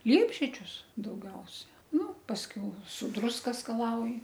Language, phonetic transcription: Lithuanian, ˈliepžiedžius dauˈgiausia nu pasˈkiau su ˈdruska skaˈlauji

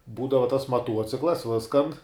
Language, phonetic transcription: Lithuanian, ˈbūdava tas maˈtuociklas ˈviskan

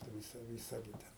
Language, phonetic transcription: Lithuanian, viˈsa viˈsa gi ˈten

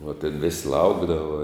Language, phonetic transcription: Lithuanian, va tėn vis' ˈlaukdava

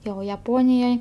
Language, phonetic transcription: Lithuanian, ˈjau jaˈponijoj

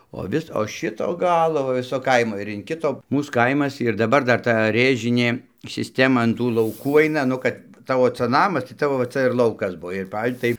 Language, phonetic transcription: Lithuanian, o ˈvis o ˈšito ˈgalo va ˈviso ˈkaimo ir in ˈkito ˈmūs ˈkaimas ir daˈbar ˈdar ˈta ˈrėžinė siˈstema an ˈtų lauˈkų ˈaina ˈnu kad ˈtavo ˈca ˈnamas tai ˈtavo va ˈca ir ˈlaukas ˈbuo ir ˈpav' tai

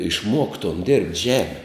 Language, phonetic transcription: Lithuanian, išˈmuoktom derbt' ˈžemi

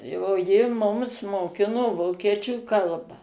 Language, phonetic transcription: Lithuanian, o ˈji ˈmums moˈkino ˈvokiečių ˈkalbą

